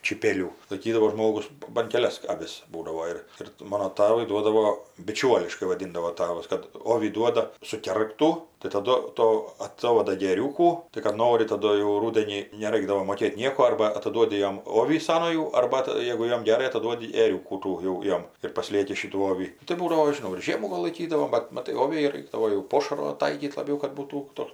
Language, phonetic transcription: Lithuanian, čyˈpėlių laiˈkydavo ˈžmogus ban keˈlias aˈvis ˈbūdavo ir ir ˈmano ˈtavui ˈduodavo biˈčiuoliškai vaˈdindavo ˈtavas kad ˈovį ˈduoda suˈkergtų tai taˈdu ˈto aˈtovada gi ˈėriūkų tai kad ˈnori taˈdu jau ˈrūdenį neˈraikdavo moˈkėt' ˈnieko ˈarba ataˈduodi ˈjom ˈovį ˈsanojų ˈarba tai ˈjėgu ˈjam geˈrai ataˈduodi ėˈriūkų ˈtų jau ˈjom ir paˈslieki ˈšytų ˈovį tai ˈbūdavo aš žiˈnau ir ˈžiemų ˈva laiˈkydavom ˈbat ˈmatai ˈoviai ˈraikdavo jau ˈpošaro ˈtaikyt laˈbiau kad būˈtų ˈtoks

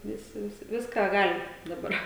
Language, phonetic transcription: Lithuanian, ˈvisi ˈvisi ˈviską ˈgali daˈbar

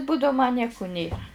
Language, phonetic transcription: Lithuanian, ˈbūdau ma ˈnieku ˈnėra

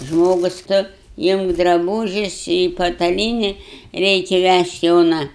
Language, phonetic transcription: Lithuanian, ˈžmogus ˈtu ˈimk draˈbūžius i pataˈlyni ˈreikia ˈvæžt' ˈjona

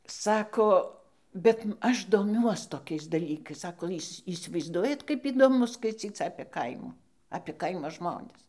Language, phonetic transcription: Lithuanian, ˈsako ˈbet ˈaš doˈmiuos toˈkiais daˈlykais ˈsako ˈįs' įsivaizˈduojat kaip įdoˈmu skaiˈcyc apė ˈkaimų apė ˈkaimo ˈžmonis

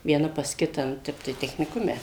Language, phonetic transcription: Lithuanian, vieˈna pas ˈkitą nu ˈtep tai techniˈkume

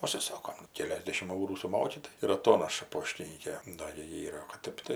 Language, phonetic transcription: Lithuanian, užsiˈsokom ˈkeliasdešimt ˈaurų suˈmoki tai ir aˈtonaša ˈpoštinykė ˈda gi ˈyra o kad ˈtep tai

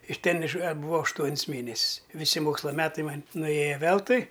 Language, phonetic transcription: Lithuanian, iš ˈten iš atbuˈvau ašˈtuon's ˈmėnes's' i viˈsi ˈmoksla ˈmetai ˈman' nuˈėja ˈveltui

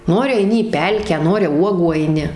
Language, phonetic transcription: Lithuanian, ˈnori aiˈni į ˈpelkę ˈnori ˈuogų aiˈni

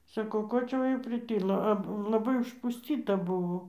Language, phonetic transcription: Lithuanian, saˈkau ˈko čia ˈva jau priˈtilo a laˈbai užpusˈtyta ˈbuvo

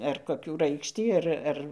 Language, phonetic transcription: Lithuanian, ar koˈkių ˈraikštį ˈar ˈar

